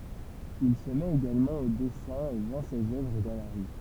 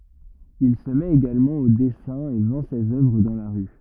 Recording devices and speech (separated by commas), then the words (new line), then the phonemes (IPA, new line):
temple vibration pickup, rigid in-ear microphone, read sentence
Il se met également au dessin et vend ses œuvres dans la rue.
il sə mɛt eɡalmɑ̃ o dɛsɛ̃ e vɑ̃ sez œvʁ dɑ̃ la ʁy